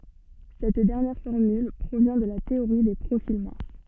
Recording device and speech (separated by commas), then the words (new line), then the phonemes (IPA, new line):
soft in-ear microphone, read sentence
Cette dernière formule provient de la théorie des profils minces.
sɛt dɛʁnjɛʁ fɔʁmyl pʁovjɛ̃ də la teoʁi de pʁofil mɛ̃s